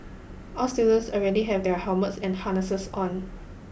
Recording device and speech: boundary microphone (BM630), read sentence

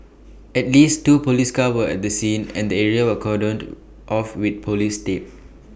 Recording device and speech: boundary microphone (BM630), read sentence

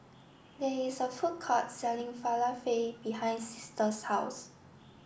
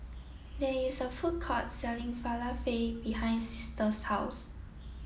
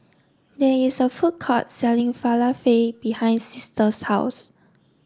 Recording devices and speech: boundary microphone (BM630), mobile phone (iPhone 7), standing microphone (AKG C214), read sentence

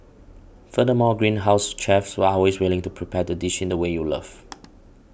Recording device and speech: boundary microphone (BM630), read sentence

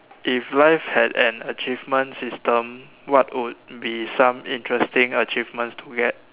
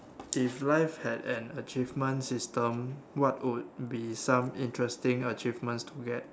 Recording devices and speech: telephone, standing microphone, conversation in separate rooms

